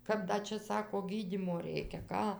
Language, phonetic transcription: Lithuanian, ˈkap ˈda čia ˈsako ˈgydymo ˈreikia ˈką

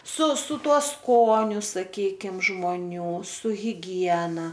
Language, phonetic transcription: Lithuanian, su su ˈtuo ˈskoniu saˈkykim žmoˈnių su hiˈgiena

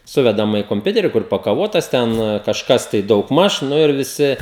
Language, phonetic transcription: Lithuanian, ˈsuvedama i komˈpiuteri ˈkur pakaˈvotas ˈten kažˈkas tai daugˈmaž ˈnu ir viˈsi

